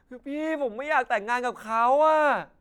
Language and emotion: Thai, frustrated